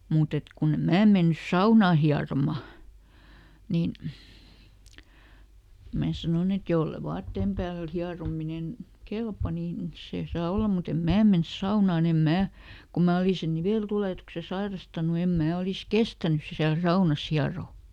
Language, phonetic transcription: Finnish, ˈmuut ‿et ˈkunne "mää mennys "saunà ˈhiaroma , ˈniin , ˈmää sanon ‿et "jolle ˈvaatteem päälᵗ ˈhiarominen , "kelpa nin , ˈse ˈsaa ˈolla mut ‿em "mää mens ˈsaunàn ‿em ˈmää , kum ˈmää oli sen "nivèltulètukse ˈsairastanu em ˈmää ˈolis "kestänys siäl ˈsaunas ˈhiarò .
- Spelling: mutta että kun en minä mennyt saunaan hieromaan niin minä sanoin että jos ei vaatteen päältä hierominen kelpaa niin se saa olla mutta en minä mene saunaan en minä kun minä olin sen niveltulehduksen sairastanut en minä olisi kestänyt siellä saunassa hieroa

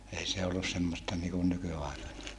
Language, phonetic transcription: Finnish, ei se ollus semmosta niikun nyky₍aika(ne) .
- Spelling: ei se ollut semmoista niin kuin nykyaikainen

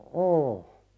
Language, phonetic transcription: Finnish, ooh .
- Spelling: on

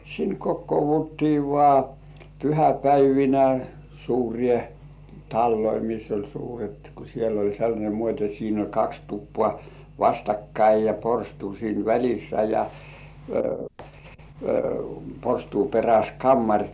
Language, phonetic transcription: Finnish, sin 'kokkouvuttii vŏà , "pyhäpäivinä 'suuri§è "talloi miss ‿oĺ 'suuret ku sieĺl ‿oĺ sellańe muot́ ‿et siin ‿oĺ 'kaks tuppŏà "vastakkai ja 'porstuu siin "väl̜issä ja , 'porstuu peräs "kammaŕ .
- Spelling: sinne kokoonnuttiin vain pyhäpäivinä suuriin taloihin missä oli suuret kun siellä oli sellainen muoti että siinä oli kaksi tupaa vastakkain ja porstua siinä välissä ja porstuan perässä kamari

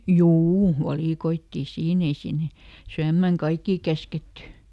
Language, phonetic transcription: Finnish, "juu , ˈvalìkoittì "siin ‿ei ˈsinne , ˈsyämmäŋ "kaikkì ˈkäsketty .
- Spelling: juu valikoitiin siinä ei sinne syömään kaikkia käsketty

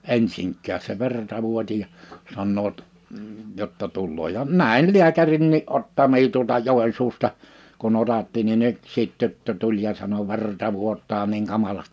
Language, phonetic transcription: Finnish, 'ensiŋk̆kääs se 'verta 'vuoti ja , 'sannoot , jotta 'tulloo ja 'nä̀in 'liäkärinnii '’ottamii tuolta 'Jòensuusta , kun ‿otatti ni'n ‿yksiit 'tyttö 'tuĺ ja sano » 'verta 'vuot̆taa niiŋ 'kamalast « .
- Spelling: ensinkään se verta vuoti ja sanovat jotta tulee ja näin lääkärinkin ottamia tuolta Joensuusta kun otatti niin yksi tyttö tuli ja sanoi verta vuotaa niin kamalasti

